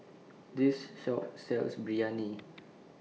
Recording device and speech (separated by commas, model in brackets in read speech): mobile phone (iPhone 6), read sentence